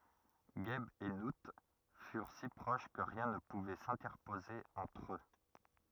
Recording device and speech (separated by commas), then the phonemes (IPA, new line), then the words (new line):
rigid in-ear microphone, read sentence
ʒɛb e nu fyʁ si pʁoʃ kə ʁjɛ̃ nə puvɛ sɛ̃tɛʁpoze ɑ̃tʁ ø
Geb et Nout furent si proches que rien ne pouvait s'interposer entre eux.